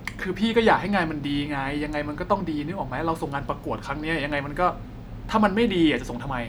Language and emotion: Thai, frustrated